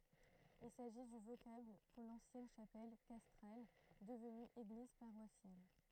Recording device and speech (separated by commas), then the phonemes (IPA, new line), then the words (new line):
throat microphone, read sentence
il saʒi dy vokabl puʁ lɑ̃sjɛn ʃapɛl kastʁal dəvny eɡliz paʁwasjal
Il s'agit du vocable pour l'ancienne chapelle castrale devenue église paroissiale.